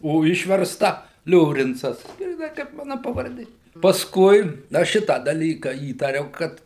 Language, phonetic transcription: Lithuanian, o ˈišversta ˈliorincas gryˈnai kaip ˈmana pavarˈdė pasˈkui ˈaš ˈšitą daˈlyka ˈįtariau ˈkad

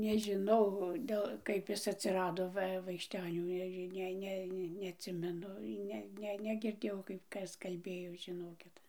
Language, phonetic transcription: Lithuanian, nežiˈnau ˈdel ˈkaip ˈis atsiˈrado ˈva vaikšˈtenių ˈneži ˈne ˈne neatˈsimenu ˈne ˈne negirˈdėjau kaip ˈkas kalˈbėjo žiˈnokit

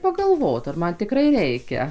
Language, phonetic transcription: Lithuanian, pagalˈvot ar ˈman tiˈkrai ˈreikia

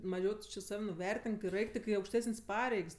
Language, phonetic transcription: Lithuanian, maˈžiau tu či ˈsav' nuˈvertink ir ˈeik tik i aukšˈtesən's' ˈpareigs

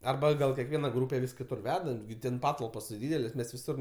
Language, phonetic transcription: Lithuanian, arˈba gal kiekˈviena ˈgrūpe vis kiˈtur ˈveda gi ˈten ˈpatalpos ti ˈdydelės' ˈmes viˈsur

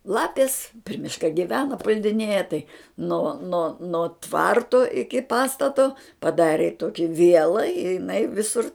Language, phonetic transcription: Lithuanian, ˈlapis pri ˈmiška giˈvena puldiˈnėja tai no no no ˈtvarto iki ˈpastato paˈdarė ˈtoki ˈviela i jiˈnai ˈvisur

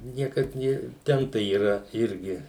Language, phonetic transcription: Lithuanian, ˈniekad ˈnė ˈten tai yˈra ˈirgi

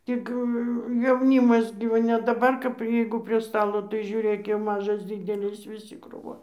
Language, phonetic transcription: Lithuanian, ˈtik jauˈnymas gi ˈva ne daˈbar kap ˈjeigu prie ˈstalo tai žiuˈrėk jau ˈmažas ˈdydelis viˈsi krūˈvon

